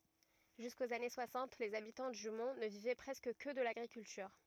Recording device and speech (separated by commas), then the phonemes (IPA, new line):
rigid in-ear microphone, read sentence
ʒyskoz ane swasɑ̃t lez abitɑ̃ dy mɔ̃ nə vivɛ pʁɛskə kə də laɡʁikyltyʁ